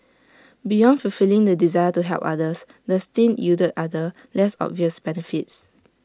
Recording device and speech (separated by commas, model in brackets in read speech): standing microphone (AKG C214), read sentence